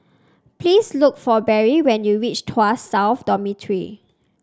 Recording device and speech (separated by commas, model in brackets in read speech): standing microphone (AKG C214), read sentence